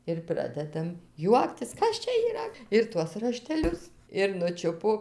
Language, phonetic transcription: Lithuanian, ir ˈpradedam ˈjuoktis ˈkas čia yˈra ir ˈtuos rašteˈlius ir nuˈčiupo

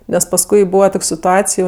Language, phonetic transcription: Lithuanian, nes pasˈkui ˈbūva ˈtok' situˈacij

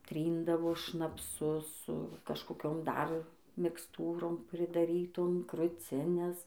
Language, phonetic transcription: Lithuanian, ˈtryndavo šnapˈsu su kažkoˈkiom ˈdar miksˈtūrom pridaˈrytom kruˈcines

